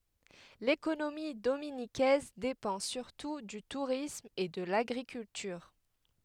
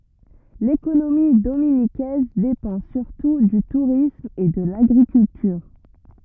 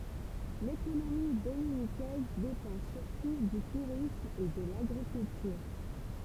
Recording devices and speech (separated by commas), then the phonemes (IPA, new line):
headset microphone, rigid in-ear microphone, temple vibration pickup, read sentence
lekonomi dominikɛz depɑ̃ syʁtu dy tuʁism e də laɡʁikyltyʁ